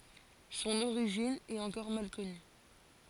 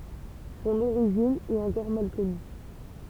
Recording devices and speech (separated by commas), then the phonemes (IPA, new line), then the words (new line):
forehead accelerometer, temple vibration pickup, read sentence
sɔ̃n oʁiʒin ɛt ɑ̃kɔʁ mal kɔny
Son origine est encore mal connue.